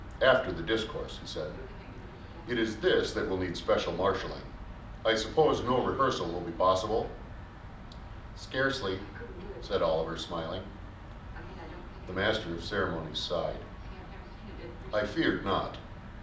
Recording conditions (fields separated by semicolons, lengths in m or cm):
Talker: one person; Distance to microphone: 2.0 m; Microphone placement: close; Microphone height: 99 cm; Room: medium-sized (5.7 m by 4.0 m); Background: television